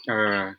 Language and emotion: Thai, frustrated